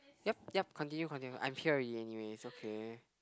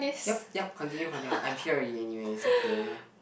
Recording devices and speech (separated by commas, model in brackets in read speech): close-talking microphone, boundary microphone, conversation in the same room